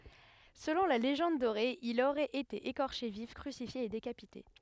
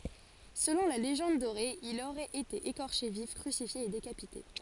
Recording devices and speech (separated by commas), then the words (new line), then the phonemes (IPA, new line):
headset microphone, forehead accelerometer, read sentence
Selon la Légende dorée, il aurait été écorché vif, crucifié et décapité.
səlɔ̃ la leʒɑ̃d doʁe il oʁɛt ete ekɔʁʃe vif kʁysifje e dekapite